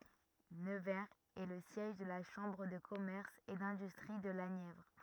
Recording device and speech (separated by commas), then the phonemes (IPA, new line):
rigid in-ear microphone, read sentence
nəvɛʁz ɛ lə sjɛʒ də la ʃɑ̃bʁ də kɔmɛʁs e dɛ̃dystʁi də la njɛvʁ